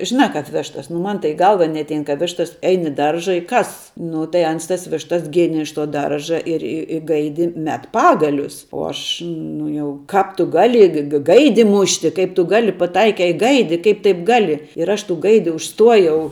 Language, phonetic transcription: Lithuanian, žiˈnā ˈkap ˈveštas nu ˈman tai į ˈgalva neatˈein ka ˈveštas ˈein i ˈdarža i ˈkas nu tai ˈans tas ˈvištas ˈgėnė iš to ˈdarža ir i i ˈgaidi ˈmet ˈpagalius uo ˈaš ˈnu jau ˈkāp tu ˈgali ga ˈgaidi ˈmušti ˈkaip tu ˈgali paˈtaikei i ˈgaidi ˈkaip taip ˈgali ir ˈaš tų ˈgaidi užˈstuojau

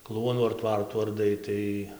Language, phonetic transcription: Lithuanian, ˈkluonų ar ˈtvartų arˈdai ˈtai

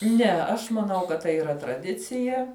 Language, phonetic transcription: Lithuanian, ˈne aš maˈnau kad ˈtai yˈra traˈdicija

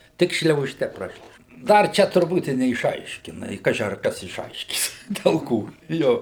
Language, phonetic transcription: Lithuanian, ˈtik šliauˈžte ˈprašliaužia ˈdar ˈčia turˈbūt i neišˈaiškina i ˈkaži ar ˈkas išˈaiškys del ˈko ˈjo

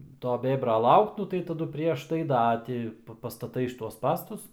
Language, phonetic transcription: Lithuanian, ˈto ˈbėbra ˈlaukt ˈnu tai taˈdu ˈprieš tai ˈda ti pastaˈtai šiˈtuos ˈspąstus

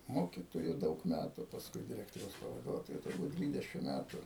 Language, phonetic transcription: Lithuanian, ˈmokitoju ˈdaug ˈmætu pasˈkui diˈrektoriaus pavaˈduotoju turˈbūt ˈdvydešim ˈmætu

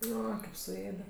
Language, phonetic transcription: Lithuanian, ˈo kaip suˈėde

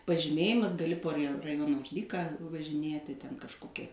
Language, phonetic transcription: Lithuanian, pažiˈmėjimas gaˈli po ri raˈjona už ˈdyką važiˈnieti ten kažˈkokia

